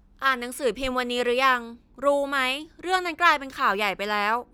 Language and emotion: Thai, frustrated